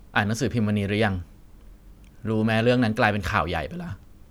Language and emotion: Thai, frustrated